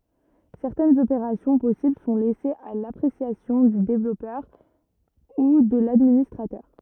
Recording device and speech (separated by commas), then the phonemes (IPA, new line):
rigid in-ear microphone, read sentence
sɛʁtɛnz opeʁasjɔ̃ pɔsibl sɔ̃ lɛsez a lapʁesjasjɔ̃ dy devlɔpœʁ u də ladministʁatœʁ